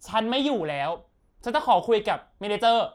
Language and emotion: Thai, angry